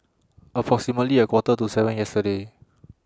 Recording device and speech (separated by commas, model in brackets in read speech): standing microphone (AKG C214), read sentence